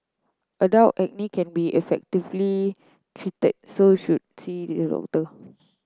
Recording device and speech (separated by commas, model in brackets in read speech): close-talking microphone (WH30), read sentence